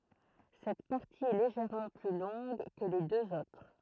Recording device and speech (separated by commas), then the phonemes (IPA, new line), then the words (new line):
throat microphone, read sentence
sɛt paʁti ɛ leʒɛʁmɑ̃ ply lɔ̃ɡ kə le døz otʁ
Cette partie est légèrement plus longue que les deux autres.